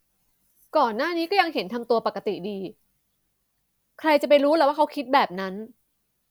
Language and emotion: Thai, frustrated